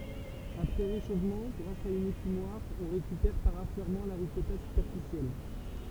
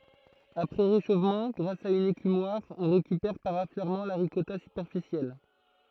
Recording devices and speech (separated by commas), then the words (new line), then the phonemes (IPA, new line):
temple vibration pickup, throat microphone, read sentence
Après réchauffement, grâce à une écumoire, on récupère par affleurement la ricotta superficielle.
apʁɛ ʁeʃofmɑ̃ ɡʁas a yn ekymwaʁ ɔ̃ ʁekypɛʁ paʁ afløʁmɑ̃ la ʁikɔta sypɛʁfisjɛl